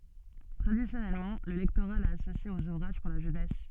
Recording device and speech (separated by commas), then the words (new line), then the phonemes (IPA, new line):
soft in-ear microphone, read sentence
Traditionnellement, le lectorat l'a associé aux ouvrages pour la jeunesse.
tʁadisjɔnɛlmɑ̃ lə lɛktoʁa la asosje oz uvʁaʒ puʁ la ʒønɛs